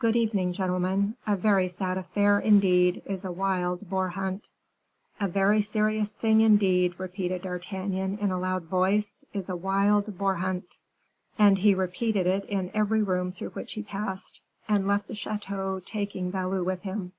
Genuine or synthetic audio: genuine